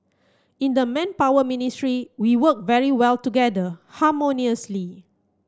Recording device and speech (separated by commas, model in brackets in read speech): close-talking microphone (WH30), read sentence